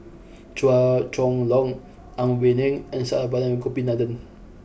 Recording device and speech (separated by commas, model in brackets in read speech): boundary microphone (BM630), read sentence